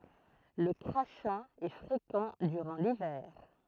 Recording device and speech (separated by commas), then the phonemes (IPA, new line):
throat microphone, read sentence
lə kʁaʃɛ̃ ɛ fʁekɑ̃ dyʁɑ̃ livɛʁ